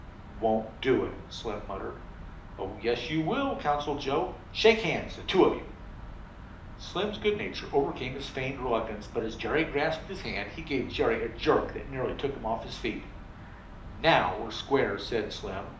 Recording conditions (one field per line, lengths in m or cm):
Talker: one person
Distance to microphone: 2.0 m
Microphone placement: close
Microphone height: 99 cm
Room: medium-sized (5.7 m by 4.0 m)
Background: none